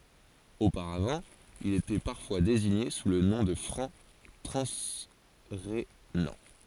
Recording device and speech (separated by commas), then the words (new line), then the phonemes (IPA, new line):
forehead accelerometer, read sentence
Auparavant, ils étaient parfois désignés sous le nom de Francs transrhénans.
opaʁavɑ̃ ilz etɛ paʁfwa deziɲe su lə nɔ̃ də fʁɑ̃ tʁɑ̃sʁenɑ̃